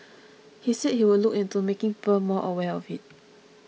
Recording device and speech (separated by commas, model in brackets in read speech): mobile phone (iPhone 6), read sentence